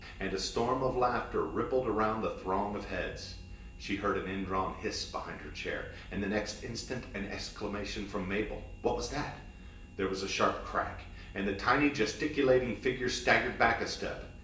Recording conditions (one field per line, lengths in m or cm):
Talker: one person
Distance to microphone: 1.8 m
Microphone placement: close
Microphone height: 1.0 m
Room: large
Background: none